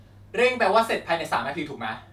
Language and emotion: Thai, frustrated